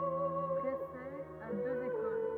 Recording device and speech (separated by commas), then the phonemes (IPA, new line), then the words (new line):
rigid in-ear microphone, read sentence
pʁesɛ a døz ekol
Précey a deux écoles.